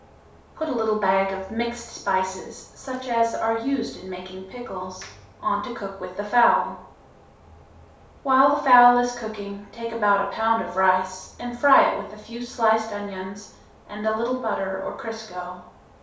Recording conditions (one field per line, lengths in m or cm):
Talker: one person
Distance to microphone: 3.0 m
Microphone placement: far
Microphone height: 1.8 m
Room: small (3.7 m by 2.7 m)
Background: none